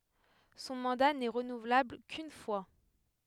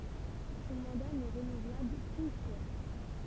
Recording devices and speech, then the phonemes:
headset microphone, temple vibration pickup, read sentence
sɔ̃ mɑ̃da nɛ ʁənuvlabl kyn fwa

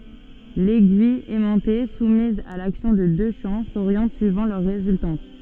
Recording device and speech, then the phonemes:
soft in-ear microphone, read sentence
lɛɡyij ɛmɑ̃te sumiz a laksjɔ̃ də dø ʃɑ̃ soʁjɑ̃t syivɑ̃ lœʁ ʁezyltɑ̃t

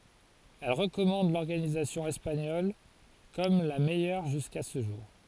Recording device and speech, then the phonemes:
forehead accelerometer, read sentence
ɛl ʁəkɔmɑ̃d lɔʁɡanizasjɔ̃ ɛspaɲɔl kɔm la mɛjœʁ ʒyska sə ʒuʁ

